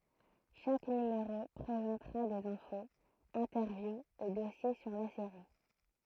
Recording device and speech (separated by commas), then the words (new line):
throat microphone, read sentence
Chaque numéro présentera des infos, interviews et dossiers sur la série.